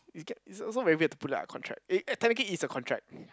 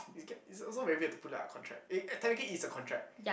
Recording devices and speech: close-talking microphone, boundary microphone, conversation in the same room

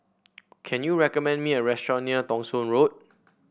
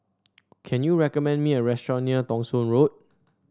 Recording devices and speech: boundary microphone (BM630), standing microphone (AKG C214), read sentence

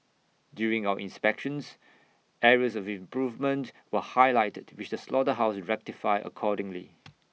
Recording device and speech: mobile phone (iPhone 6), read sentence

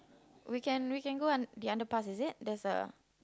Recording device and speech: close-talking microphone, conversation in the same room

